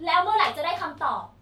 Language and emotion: Thai, angry